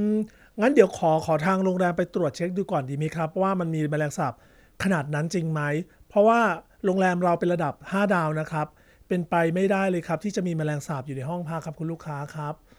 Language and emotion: Thai, neutral